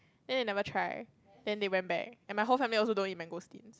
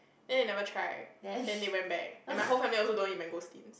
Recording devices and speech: close-talking microphone, boundary microphone, conversation in the same room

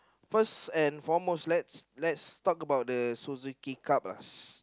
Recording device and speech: close-talking microphone, conversation in the same room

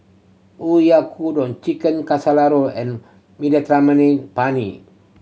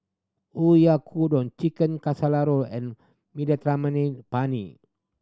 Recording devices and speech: mobile phone (Samsung C7100), standing microphone (AKG C214), read sentence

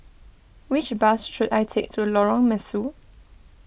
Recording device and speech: boundary microphone (BM630), read sentence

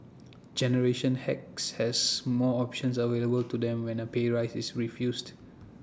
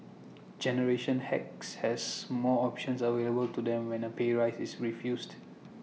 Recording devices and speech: standing microphone (AKG C214), mobile phone (iPhone 6), read sentence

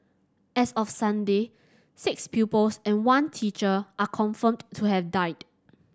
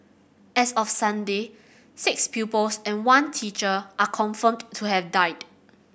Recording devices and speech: standing microphone (AKG C214), boundary microphone (BM630), read sentence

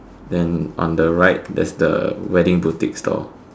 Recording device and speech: standing microphone, conversation in separate rooms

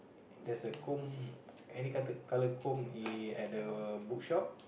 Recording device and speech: boundary microphone, conversation in the same room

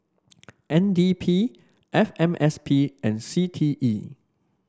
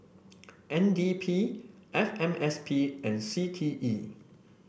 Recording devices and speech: standing microphone (AKG C214), boundary microphone (BM630), read sentence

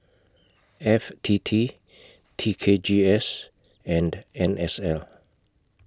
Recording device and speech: close-talking microphone (WH20), read sentence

